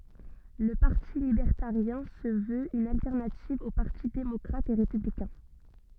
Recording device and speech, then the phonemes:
soft in-ear microphone, read sentence
lə paʁti libɛʁtaʁjɛ̃ sə vøt yn altɛʁnativ o paʁti demɔkʁat e ʁepyblikɛ̃

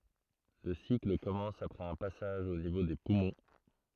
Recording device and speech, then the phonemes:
throat microphone, read sentence
lə sikl kɔmɑ̃s apʁɛz œ̃ pasaʒ o nivo de pumɔ̃

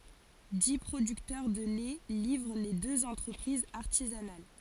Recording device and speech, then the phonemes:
forehead accelerometer, read sentence
di pʁodyktœʁ də lɛ livʁ le døz ɑ̃tʁəpʁizz aʁtizanal

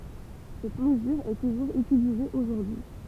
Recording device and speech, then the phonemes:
temple vibration pickup, read sentence
sɛt məzyʁ ɛ tuʒuʁz ytilize oʒuʁdyi

